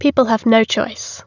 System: none